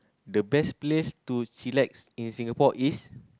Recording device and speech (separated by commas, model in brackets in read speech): close-talking microphone, conversation in the same room